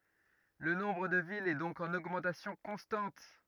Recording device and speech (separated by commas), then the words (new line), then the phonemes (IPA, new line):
rigid in-ear microphone, read sentence
Le nombre de villes est donc en augmentation constante.
lə nɔ̃bʁ də vilz ɛ dɔ̃k ɑ̃n oɡmɑ̃tasjɔ̃ kɔ̃stɑ̃t